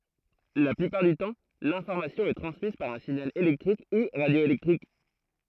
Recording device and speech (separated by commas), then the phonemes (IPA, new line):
throat microphone, read sentence
la plypaʁ dy tɑ̃ lɛ̃fɔʁmasjɔ̃ ɛ tʁɑ̃smiz paʁ œ̃ siɲal elɛktʁik u ʁadjoelɛktʁik